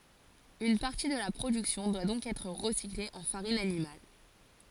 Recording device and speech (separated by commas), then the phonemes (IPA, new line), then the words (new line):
forehead accelerometer, read sentence
yn paʁti də la pʁodyksjɔ̃ dwa dɔ̃k ɛtʁ ʁəsikle ɑ̃ faʁin animal
Une partie de la production doit donc être recyclée en farine animale.